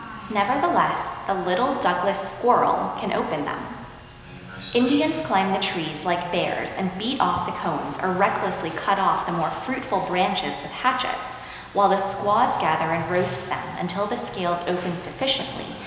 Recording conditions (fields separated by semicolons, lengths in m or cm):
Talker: one person; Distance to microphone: 1.7 m; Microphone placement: close; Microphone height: 1.0 m; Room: very reverberant, large; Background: television